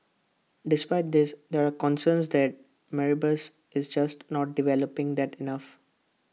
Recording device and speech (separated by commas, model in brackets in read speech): mobile phone (iPhone 6), read sentence